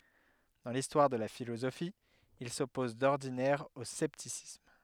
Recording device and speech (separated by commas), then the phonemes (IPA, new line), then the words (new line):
headset microphone, read sentence
dɑ̃ listwaʁ də la filozofi il sɔpɔz dɔʁdinɛʁ o sɛptisism
Dans l'histoire de la philosophie, il s'oppose d'ordinaire au scepticisme.